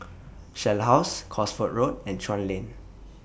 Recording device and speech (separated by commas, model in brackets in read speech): boundary microphone (BM630), read sentence